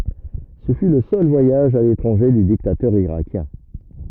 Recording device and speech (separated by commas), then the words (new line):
rigid in-ear microphone, read sentence
Ce fut le seul voyage à l'étranger du dictateur irakien.